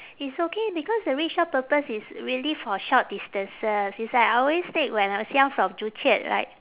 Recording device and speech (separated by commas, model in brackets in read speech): telephone, conversation in separate rooms